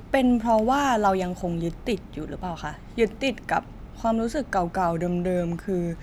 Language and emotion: Thai, neutral